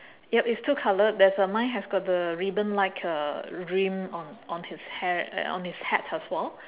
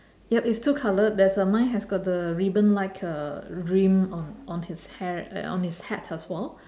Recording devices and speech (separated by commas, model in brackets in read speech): telephone, standing microphone, conversation in separate rooms